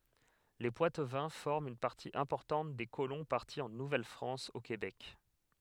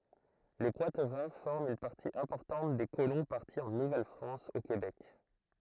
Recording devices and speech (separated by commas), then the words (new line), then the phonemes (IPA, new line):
headset microphone, throat microphone, read sentence
Les Poitevins forment une partie importante des colons partis en Nouvelle-France au Québec.
le pwatvɛ̃ fɔʁmt yn paʁti ɛ̃pɔʁtɑ̃t de kolɔ̃ paʁti ɑ̃ nuvɛlfʁɑ̃s o kebɛk